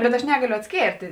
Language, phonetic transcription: Lithuanian, ˈbet aš ˈnegaliu atsˈkėrtė

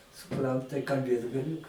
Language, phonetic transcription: Lithuanian, suˈpran tai kalˈbėt gaˈliū

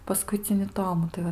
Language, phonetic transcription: Lithuanian, paˈskuicini ˈtomu tai ˈva

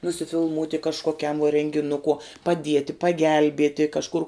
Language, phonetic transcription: Lithuanian, nusifilˈmūti kažkoˈkiam vuo rengiˈnukuo paˈdieti paˈgelbieti kažˈkur

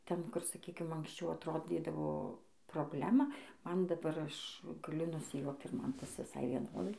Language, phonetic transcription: Lithuanian, ˈten ˈkur saˈkykim anksˈčiau atˈrodydavo proˈblema ˈman daˈbar ˈaš gaˈliu nusijuokt ir ˈman ˈtas viˈsai vieˈnodai

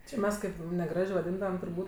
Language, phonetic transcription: Lithuanian, či ˈmes kaip neˈgražė vaˈdyndavam turˈbūt'

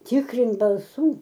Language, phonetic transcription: Lithuanian, ˈtikrint balˈsų

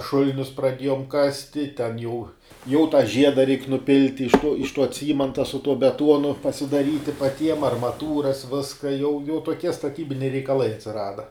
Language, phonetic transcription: Lithuanian, ˈšulinius praˈdėjom ˈkasti ten jau jau tą ˈžieda reik nuˈpilti iš tuo iš tuo ˈcymanta su tuo beˈtuonu pasidaˈryti paˈtiem armaˈtūras ˈviska jau jau toˈkie staˈtybiniai reikaˈlai atsiˈrada

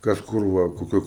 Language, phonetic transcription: Lithuanian, ˈkas ˈkur ˈva koˈkio

